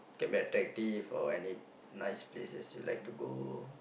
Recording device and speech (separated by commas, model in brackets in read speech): boundary microphone, conversation in the same room